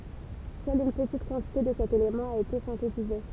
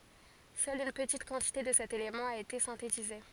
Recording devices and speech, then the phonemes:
temple vibration pickup, forehead accelerometer, read sentence
sœl yn pətit kɑ̃tite də sɛt elemɑ̃ a ete sɛ̃tetize

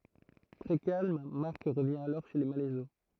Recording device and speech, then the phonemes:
throat microphone, read sentence
tʁɛ kalm maʁk ʁəvjɛ̃ alɔʁ ʃe le malɛzo

